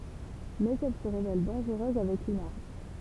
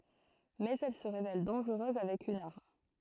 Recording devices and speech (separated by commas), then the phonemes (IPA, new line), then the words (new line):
temple vibration pickup, throat microphone, read sentence
mɛz ɛl sə ʁevɛl dɑ̃ʒʁøz avɛk yn aʁm
Mais elle se révèle dangereuse avec une arme.